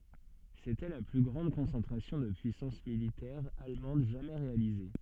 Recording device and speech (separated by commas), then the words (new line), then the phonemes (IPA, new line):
soft in-ear microphone, read sentence
C'était la plus grande concentration de puissance militaire allemande jamais réalisée.
setɛ la ply ɡʁɑ̃d kɔ̃sɑ̃tʁasjɔ̃ də pyisɑ̃s militɛʁ almɑ̃d ʒamɛ ʁealize